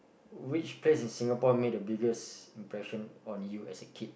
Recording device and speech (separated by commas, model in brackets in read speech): boundary microphone, conversation in the same room